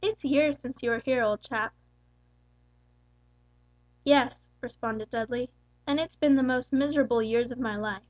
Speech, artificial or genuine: genuine